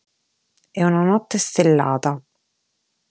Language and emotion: Italian, neutral